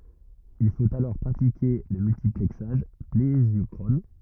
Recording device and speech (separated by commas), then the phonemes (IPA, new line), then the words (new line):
rigid in-ear microphone, read sentence
il fot alɔʁ pʁatike lə myltiplɛksaʒ plezjɔkʁɔn
Il faut alors pratiquer le multiplexage plésiochrone.